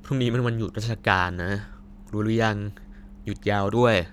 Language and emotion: Thai, frustrated